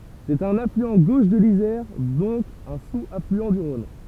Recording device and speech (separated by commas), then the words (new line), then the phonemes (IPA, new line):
temple vibration pickup, read sentence
C'est un affluent gauche de l'Isère, donc un sous-affluent du Rhône.
sɛt œ̃n aflyɑ̃ ɡoʃ də lizɛʁ dɔ̃k œ̃ suz aflyɑ̃ dy ʁɔ̃n